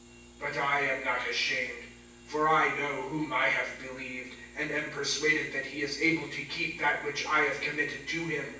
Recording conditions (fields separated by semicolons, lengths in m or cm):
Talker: one person; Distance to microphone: 9.8 m; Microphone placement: far; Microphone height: 1.8 m; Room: large; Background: none